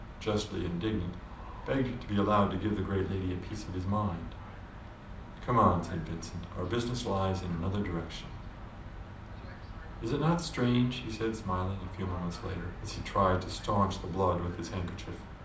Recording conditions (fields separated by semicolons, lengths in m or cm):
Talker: one person; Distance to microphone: 2.0 m; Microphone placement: close; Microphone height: 99 cm; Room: medium-sized (5.7 m by 4.0 m); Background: television